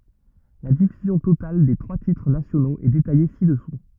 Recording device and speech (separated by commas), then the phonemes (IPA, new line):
rigid in-ear microphone, read sentence
la difyzjɔ̃ total de tʁwa titʁ nasjonoz ɛ detaje sidɛsu